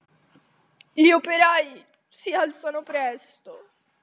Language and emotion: Italian, sad